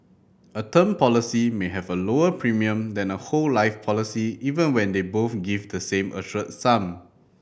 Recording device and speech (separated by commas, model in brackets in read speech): boundary microphone (BM630), read sentence